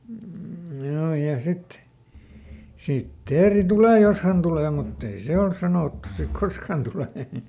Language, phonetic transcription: Finnish, m̥ ˈjoo ja ˈsit , ˈsit "teeri "tulè "jos hän ˈtulè mutt ‿ei "se ols ˈsanòttu sik "kosk hän tulè .
- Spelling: mm joo ja sitten sitten teeri tulee jos hän tulee mutta ei se olisi sanottu siksi koska hän tulee

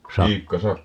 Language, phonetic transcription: Finnish, 'Sakko ?
- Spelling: Sakko

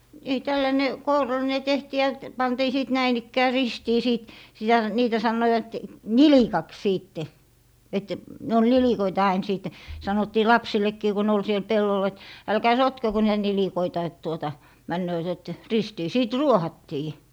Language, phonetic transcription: Finnish, (nii) 'tälläne , "koural̀ine 'tehtii ja t- , 'pantii 'sìt 'näin ‿ikkää "ristii 'siit , sitä , niitä 'sannoiwat "nilikaks 'siitte , et , ne ol "nilikoita ain sìt̀e , 'sanottii "lapsillekkii ku ne ol siel 'pellol et , » 'älkää "sotkeko niitä 'nilikoita et tuota , 'männööt ‿et , "ristii » 'sìt "ruohattii .
- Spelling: niin tällainen kourallinen tehtiin ja - pantiin sitten näin ikään ristiin siitä sitä niitä sanoivat nilikaksi sitten että ne oli nilikoita aina sitten sanottiin lapsillekin kun ne oli siellä pellolla että älkää sotkeko niitä nilikoita että tuota menevät että ristiin sitten ruohattiin

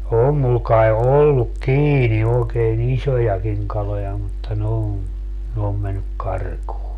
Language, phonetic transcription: Finnish, 'oom mul kae 'olluk "kiini ookee"n ‿iśojakiŋ 'kaloja mutta ne om , ne om mennyk "karkuu .
- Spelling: on minulla kai ollut kiinni oikein isojakin kaloja mutta ne on ne on mennyt karkuun

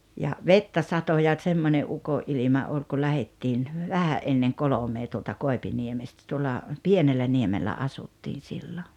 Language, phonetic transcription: Finnish, ja , "vettä 'sato ja 'tsemmońe '’uko’ ’ilima 'oi ku 'lähettiin , "vähä’ ’enneŋ "kolomee tuolta 'Kòepiniemestä tuolla , "Pienelläniemellä 'asuttiin̬ 'sillo .
- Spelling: ja vettä satoi ja semmoinen - ukonilma oli kun lähdettiin vähän ennen kolmea tuolta Koipiniemestä tuolla Pienelläniemellä asuttiin silloin

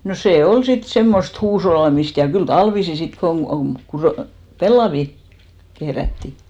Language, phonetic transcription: Finnish, no 'sè "ol 'sit 'semmost "huushollamist , ja kyl "talvisi 'sit koŋ ɢu- , "pellavi , 'kehrätti .
- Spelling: no se oli sitten semmoista huushollaamista ja kyllä talvisin sitten kun - pellavia kehrättiin

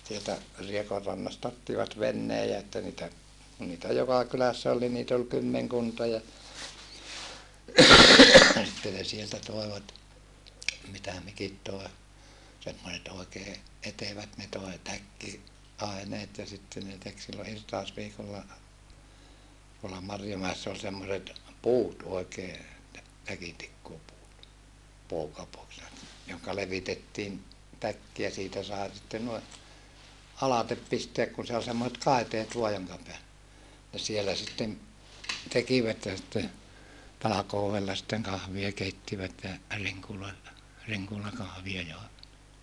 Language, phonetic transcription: Finnish, sieltä , Riekorrannasta ottivat vennee ja että niitä , kun niitä joka kylässä ol ni niit ‿ol kymmeŋkunta ja , sitte ne sieltä toevat , mitä mikit toe , semmoset òekee , etevät ne toe täkki- , -aeneet ja sitte ne tek sillo irtaosviikolla , tuolla Marjomäessä ol semmoset , puut oekee , tä- , täkintikkuupuut , (pookapuuks ne) , johka levitettiin , täkki ja siitä sae sitten nui , alatep pisteäk kun se ol semmoset kàiteet voa joŋka peäl- , ne sielä sitten , tekivät ja sⁱtte , talakoovella sitteŋ kahvia keittivät ja , riŋkuloilla , riŋkulakahvia jòevat .
- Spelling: sieltä Riekonrannasta ottivat veneen ja että niitä kun niitä joka kylässä oli niin niitä oli kymmenkunta ja sitten ne sieltä toivat mitä mikin toi semmoiset oikein etevät ne toi - takkiaineet ja sitten ne teki silloin irtausviikolla tuolla Marjomäessä oli semmoiset puut oikein - täkintikkuupuut pookapuuksi ne johon levitettiin täkki ja siitä sai sitten noin alitse pistää kun se oli semmoiset kaiteet vain jonka - ne siellä sitten tekivät ja sitten talkoolla sitten kahvia keittivät ja rinkuloilla rinkulakahvia joivat

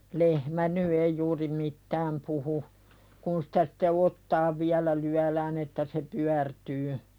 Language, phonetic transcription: Finnish, 'lehmä ny ei juuri "mittääm puhu , kun sᴵtä sᴵtte "ottaav viälä 'lyälään ‿että se "pyärtyy .
- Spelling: lehmä nyt ei juuri mitään puhu kun sitä sitten otsaan vielä lyödään että se pyörtyy

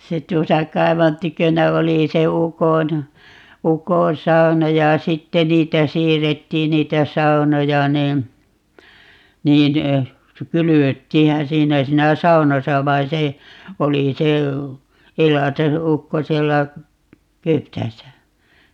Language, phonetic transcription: Finnish, 'se 'tuosa 'kaivan 'tykönä 'oli se 'ukon , "ukoo̰ 'sau̬na ja "sitte 'niitä 'siirrettiin 'niitä "sau̬noja nii , 'niin , 'kylyvöttiihä "siinä 'siinä "saunasa 'vain̬ se , 'oli se , 'elate- , '-ukko 'siellä , (---) .
- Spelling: se tuossa kaivon tykönä oli se ukon ukon sauna ja sitten niitä siirrettiin niitä saunoja niin niin kylvettiinhän siinä siinä saunassa vaan se oli se - elateukko siellä -

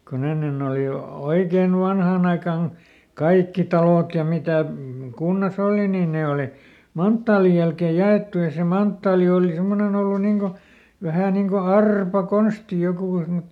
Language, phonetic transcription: Finnish, koˈn ‿ennen ‿òli o- , "oikein ˈvanhàn ‿aikan , ˈkaikki talòt ja ˈmitä̀ , ˈkunnaˈs ‿òli nii ˈnè òli , "manttaalij jälkèj̆ ˈja₍èttu ja se ˈmanttaali ooli ˈsemmonen ‿ollu ˈniŋ ko , ˈvähä̀ niŋ ko "arpa"konsti ˈjokù sem(ne) .
- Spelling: kun ennen oli - oikein vanhaan aikaan kaikki talot ja mitä kunnassa oli niin ne oli manttaalin jälkeen jaettu ja se manttaali oli semmoinen ollut niin kuin vähän niin kuin arpakonsti joku semmoinen

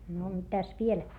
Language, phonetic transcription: Finnish, no mitäs viel ?
- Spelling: no mitäs vielä

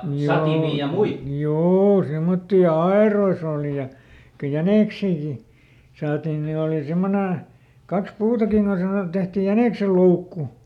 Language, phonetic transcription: Finnish, ˈhjoo , "juu ˈsemmotti ja "aerois ‿òli ja , ko "jänèksiiki , ˈsaatin ni òli "simmone , ˈkaks ˈpuutakiŋ ko sanott(i et) ˈtehti ˈjänèksel̆"loukku .
- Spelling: joo juu semmoisia ja aidoissa oli ja kun jäniksiäkin saatiin niin oli semmoinen kaksi puutakin kun sanottiin että tehtiin jäniksenloukku

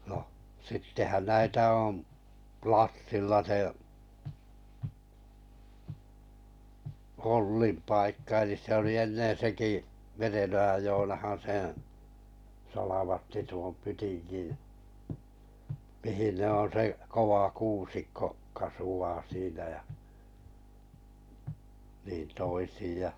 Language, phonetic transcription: Finnish, noh , sittehän 'näitä òm , "Plassilla se Ollim 'paikka elis se oli ennen̬ 'seki , 'Merenojaj Jonahan̬ seḛ 'salavatti tuom 'pytinɢin̬ , 'mihin ne on̬ 'se , 'kova 'kuusikko kasu₍aa 'siinä ja , niin 'toisij ja .
- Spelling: no sittenhän näitä on Plassilla se Ollin paikka eli se oli ennen sekin Merenojan Joonahan sen salvatti tuon pytingin mihin ne on se kova kuusikko kasvaa siinä ja niin toisin ja

